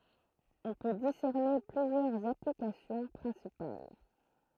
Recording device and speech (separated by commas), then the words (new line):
throat microphone, read sentence
On peut discerner plusieurs applications principales.